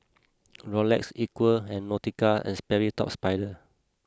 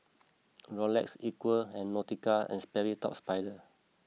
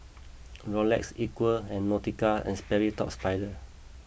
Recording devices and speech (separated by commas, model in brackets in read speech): close-talking microphone (WH20), mobile phone (iPhone 6), boundary microphone (BM630), read sentence